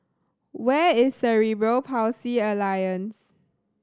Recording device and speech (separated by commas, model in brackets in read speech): standing microphone (AKG C214), read sentence